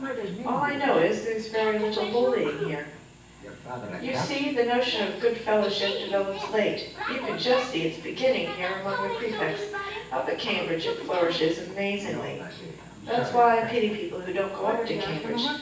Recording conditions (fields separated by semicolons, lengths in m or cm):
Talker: one person; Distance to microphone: 9.8 m; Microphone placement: far; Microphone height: 1.8 m; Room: large; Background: television